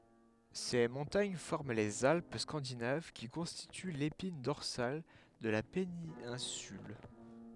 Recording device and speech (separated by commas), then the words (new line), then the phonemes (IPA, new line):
headset microphone, read sentence
Ces montagnes forment les Alpes scandinaves qui constituent l'épine dorsale de la péninsule.
se mɔ̃taɲ fɔʁm lez alp skɑ̃dinav ki kɔ̃stity lepin dɔʁsal də la penɛ̃syl